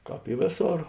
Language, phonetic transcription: Lithuanian, ˈkāp i ˈvėˌsor

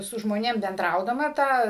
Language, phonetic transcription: Lithuanian, su žmoˈnėm benˈdraudama ˈtą

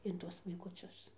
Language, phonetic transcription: Lithuanian, in ˈtuos vaikuˈcius

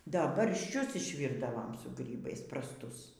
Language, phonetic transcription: Lithuanian, ˈda baršˈčius išˈvyrdavam su ˈgrybais prasˈtus

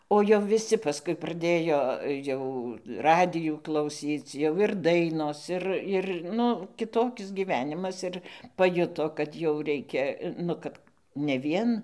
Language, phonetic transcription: Lithuanian, o jau viˈsi paˈskui praˈdėjo ˈjau ˈradijų klauˈsyc jau ir ˈdainos ˈir ˈir ˈnu kiˈtokis gyˈvenimas ˈir paˈjuto kad jau ˈreikia ˈnu kad ne ˈvien

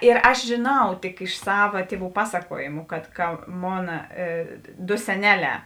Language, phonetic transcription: Lithuanian, ir ˈaš žėˈnau tik iš ˈsava ˈtieˌvų ˈpasakuojimu kad ka ˈmona ˈdo seˈneˌlē

